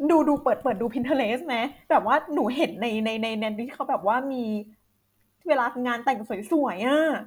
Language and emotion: Thai, happy